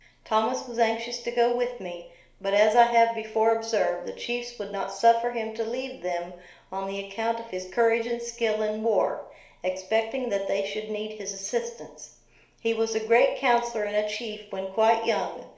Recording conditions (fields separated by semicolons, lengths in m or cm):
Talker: one person; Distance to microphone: 1.0 m; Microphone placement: close; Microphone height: 1.1 m; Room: small (3.7 m by 2.7 m); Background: none